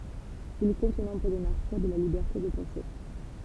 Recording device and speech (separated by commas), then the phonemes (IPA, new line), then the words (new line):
temple vibration pickup, read sentence
il kɔ̃t o nɔ̃bʁ de maʁtiʁ də la libɛʁte də pɑ̃se
Il compte au nombre des martyrs de la liberté de penser.